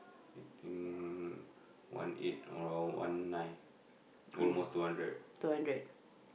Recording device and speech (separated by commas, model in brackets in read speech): boundary microphone, conversation in the same room